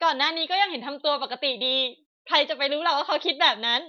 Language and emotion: Thai, happy